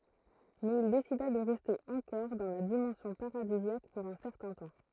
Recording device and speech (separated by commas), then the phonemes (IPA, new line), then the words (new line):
throat microphone, read sentence
mɛz il desida də ʁɛste ɑ̃kɔʁ dɑ̃ la dimɑ̃sjɔ̃ paʁadizjak puʁ œ̃ sɛʁtɛ̃ tɑ̃
Mais il décida de rester encore dans la dimension paradisiaque pour un certain temps.